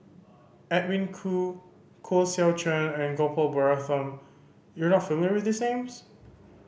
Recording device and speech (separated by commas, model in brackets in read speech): boundary microphone (BM630), read sentence